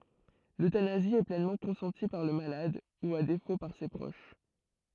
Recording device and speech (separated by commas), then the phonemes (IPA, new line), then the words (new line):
throat microphone, read sentence
løtanazi ɛ plɛnmɑ̃ kɔ̃sɑ̃ti paʁ lə malad u a defo paʁ se pʁoʃ
L'euthanasie est pleinement consentie par le malade, ou à défaut par ses proches.